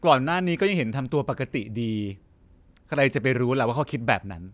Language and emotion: Thai, frustrated